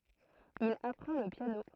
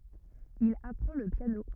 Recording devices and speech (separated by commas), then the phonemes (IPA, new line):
throat microphone, rigid in-ear microphone, read sentence
il apʁɑ̃ lə pjano